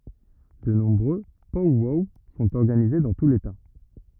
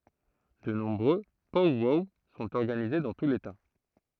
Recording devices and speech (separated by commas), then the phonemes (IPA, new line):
rigid in-ear microphone, throat microphone, read sentence
də nɔ̃bʁø pɔw wɔw sɔ̃t ɔʁɡanize dɑ̃ tu leta